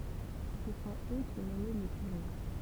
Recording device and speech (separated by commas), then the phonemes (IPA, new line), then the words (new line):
temple vibration pickup, read sentence
sə sɔ̃t ø ki nɔmɛ le kyʁe
Ce sont eux qui nommaient les curés.